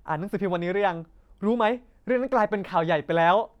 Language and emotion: Thai, angry